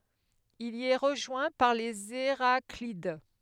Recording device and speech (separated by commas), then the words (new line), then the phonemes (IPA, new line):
headset microphone, read sentence
Il y est rejoint par les Héraclides.
il i ɛ ʁəʒwɛ̃ paʁ lez eʁaklid